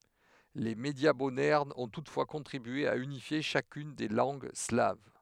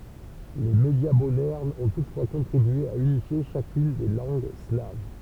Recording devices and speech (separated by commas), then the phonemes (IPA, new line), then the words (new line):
headset microphone, temple vibration pickup, read sentence
le medja modɛʁnz ɔ̃ tutfwa kɔ̃tʁibye a ynifje ʃakyn de lɑ̃ɡ slav
Les médias modernes ont toutefois contribué à unifier chacune des langues slaves.